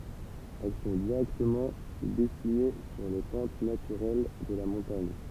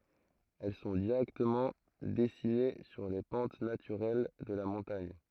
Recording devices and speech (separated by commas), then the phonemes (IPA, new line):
temple vibration pickup, throat microphone, read sentence
ɛl sɔ̃ diʁɛktəmɑ̃ dɛsine syʁ le pɑ̃t natyʁɛl də la mɔ̃taɲ